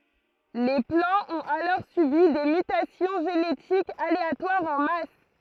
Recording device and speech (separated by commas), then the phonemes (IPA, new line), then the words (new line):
throat microphone, read sentence
le plɑ̃z ɔ̃t alɔʁ sybi de mytasjɔ̃ ʒenetikz aleatwaʁz ɑ̃ mas
Les plants ont alors subi des mutations génétiques aléatoires en masse.